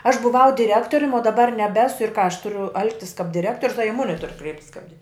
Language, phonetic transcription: Lithuanian, aš buˈvau diˈrektorium o daˈbar neˈbesu ir ką aš ˈturiu ˈalgtis kap diˈrektorius a i ˈmuni tur ˈkreiptis kap dir

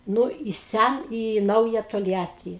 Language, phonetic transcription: Lithuanian, ˈnu i ˈsæ į ˈnauja tolˈjatį

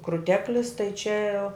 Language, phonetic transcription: Lithuanian, kruˈteklis tai čia

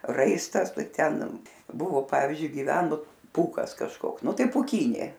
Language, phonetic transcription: Lithuanian, ˈraistas ˈtai ˈten ˈbuvo ˈpavyzdžiui giˈvenu ˈpūkas kažˈkoks ˈnu ˈtai pūˈkynė

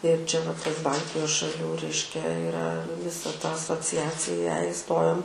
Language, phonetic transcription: Lithuanian, ir ˈčia va ˈtas ˈbaltijos šaˈlių ˈreiškia iˈra viˈsa ta asociˈaciją iˈstojom

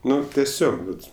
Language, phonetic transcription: Lithuanian, ˈnu teˈsiog ˈvat

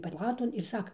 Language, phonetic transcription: Lithuanian, paˈlaton ir ˈsaka

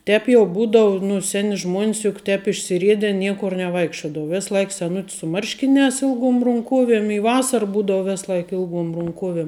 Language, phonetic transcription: Lithuanian, ˈtēp jau ˈbūdau nu ˈseni žmuon's juk ˈtēp išsiˈriede ˈniekur neˈvaikščiodavu ˈvis ˈlaik seˈnut's su ˈmarškiˌnēs ˈilˌguom runˈkuoviem i ˈvasar ˈbūdau ˈves ˈlaik ˈilˌguom runˈkuoviem

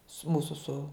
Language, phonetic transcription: Lithuanian, su ˈmūsu su

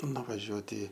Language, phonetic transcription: Lithuanian, nuvaˈžiuoti

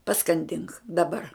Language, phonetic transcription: Lithuanian, paskanˈdink daˈbar

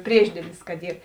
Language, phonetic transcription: Lithuanian, ˈpriešdielis kad ˈyr

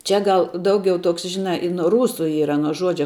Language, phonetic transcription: Lithuanian, ˈčia ˈgal ˈdaugiau ˈtoks ˈžinā i nuo ˈrūsu ˈyra nuo ˈžuodžia

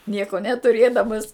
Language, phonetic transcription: Lithuanian, ˈnieko netuˈrėdamas

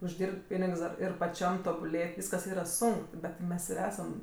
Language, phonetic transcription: Lithuanian, užˈdyrb't' ˈpynigs dar ˈir paˈčiam tobuˈlėt' ˈvyskas ˈyra ˈsunk ˈbet ˈmes ir ˈesam

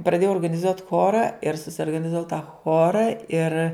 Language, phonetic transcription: Lithuanian, praˈdėjau organiˈzuot' ˈchora ir susiorganizaˈvau ta ˈchora ir

